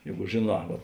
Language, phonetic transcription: Lithuanian, ˈjeigu žėˈnā va

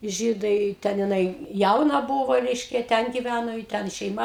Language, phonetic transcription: Lithuanian, ˈžydai ˈten jiˈnai ˈjauna ˈbuvo ˈreiškia ˈten ˈgiˈvæno i ˈten šeiˈma

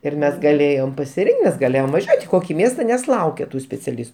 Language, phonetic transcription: Lithuanian, ir ˈmes gaˈlėjom pasiˈrinkt ˈmes gaˈlėjom vaˈžiuot' i ˈkoki ˈmiesta nes ˈlaukia ˈtų speciaˈlis

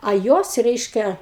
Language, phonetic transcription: Lithuanian, a ˈjuos ˈreiškia

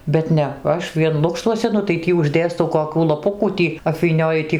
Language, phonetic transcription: Lithuanian, bet ˈne ˈaš vien ˈlukštuose nu tai ˈtį užˈdėstau koˈkių laˈpukų ˈtį apvyˈnioju ti

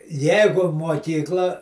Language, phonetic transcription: Lithuanian, ˈjeigu muoˈkykla

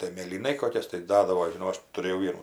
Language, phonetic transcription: Lithuanian, tai mėlyˈnai ˈkokias tai ˈdadavo žiˈnau ˈaš tuˈrėjau ˈvienų

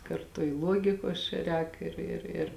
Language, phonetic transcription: Lithuanian, karˈtu i ˈluogikos čia ˈrēk ˈir ir ir

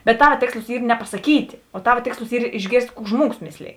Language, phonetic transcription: Lithuanian, bet ˈtava ˈtėkslus ˈy nepasaˈkyt' o ˈtava ˈtėkslus ˈyr išˈgėrst' ˈkų ˈžmuogus ˈmėsˌlėj

